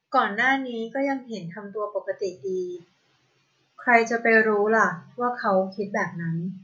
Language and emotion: Thai, neutral